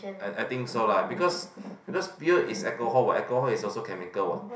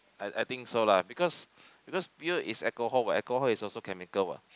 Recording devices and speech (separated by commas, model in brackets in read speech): boundary microphone, close-talking microphone, conversation in the same room